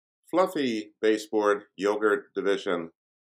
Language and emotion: English, neutral